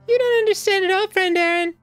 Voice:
Falsetto